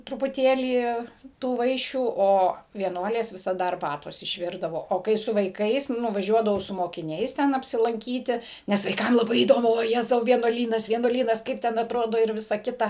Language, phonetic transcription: Lithuanian, trupuˈtėlį ˈtų ˈvaišių ˈo vieˈnuolės visaˈda arˈbatos išˈvirdavo o ˈkai su vaiˈkais nuvaˈžiuodavau su mokiˈniais ˈten apsilanˈkyti ˈnes vaiˈkam laˈbai įˈdomu voˈjezau vienuoˈlynas vienuoˈlynas ˈkaip ten atˈrodo ir ˈvisa ˈkita

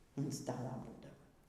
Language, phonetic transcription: Lithuanian, an ˈstala ˈbūdava

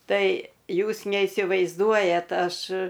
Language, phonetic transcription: Lithuanian, ˈtai ˈjūs neisivaizˈduojat ˈaš

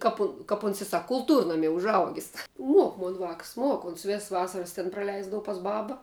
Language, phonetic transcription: Lithuanian, ˈkap u kap uns i ˈsak kulˈtūrnamie užˈaugis ˈmuok ˈmon vāks ˈmuok ˈons ˈvess ˈvasaras ˈtin praˈleisdava pas ˈbaba

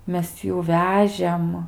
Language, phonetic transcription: Lithuanian, ˈmes ˈjų ˈvežėm

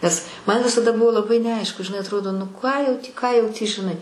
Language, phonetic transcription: Lithuanian, nes man visaˈda ˈbuvo laˈbai neˈaišku žiˈnai atˈrodo nu ką jau tį ką jau tį žiˈnai

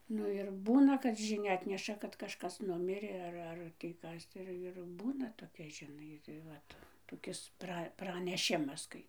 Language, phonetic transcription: Lithuanian, ˈnu ir ˈbūna kad žiˈnia ˈatneša kad kažˈkas ˈnumirė ˈar ˈar tį ˈkas ˈir ir ˈbūna toˈkia žiˈnai tai ˈvat toˈkis ˈpra praneˈšimas ˈkai

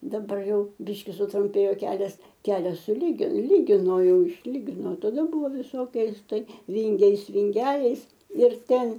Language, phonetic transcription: Lithuanian, daˈbar ˈjau ˈbiški sutrumˈpėjo ˈkelias ˈkelias suˈly ˈlygino ˈjau išˈlygino taˈda ˈbuvo viˈsokiais ˈtai ˈvingiais vinˈgeliais ir ˈten

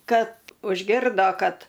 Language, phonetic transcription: Lithuanian, ˈkad užˈgirdo ˈkad

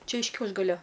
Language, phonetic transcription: Lithuanian, ˈčia iš ˈkiaušgalio

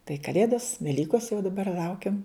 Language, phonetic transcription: Lithuanian, tai kaˈlėdos veˈlykos jau daˈbar ˈlaukiam

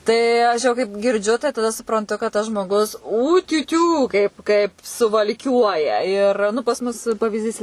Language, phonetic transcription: Lithuanian, ˈtai ˈaš jau kaip girˈdžiu tai taˈda supranˈtu kad ˈtas žmoˈgus ˌūtiuˈtiū ˈkaipˈ kaip suvalˈkiuoja ir ˈnu pas ˈmus pavizˈdys

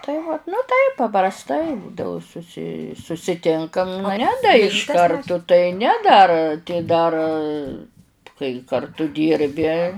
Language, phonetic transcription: Lithuanian, tai vat nu ˈtaip paprasˈtai ˈbūdavu suˈsi susiˈtinkam nu ˈne da iš ˈkartu tai ˈne dar tai ˈdar kai karˈtu ˈdyrbi

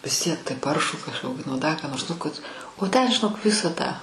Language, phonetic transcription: Lithuanian, vis ˈtiek tai ˈparšų kažˈkoki nu ˈda ką nors nu kad o ten žiˈnok ˈvisa tą

